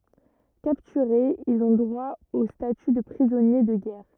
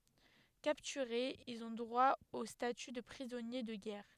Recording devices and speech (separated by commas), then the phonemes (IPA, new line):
rigid in-ear microphone, headset microphone, read sentence
kaptyʁez ilz ɔ̃ dʁwa o staty də pʁizɔnje də ɡɛʁ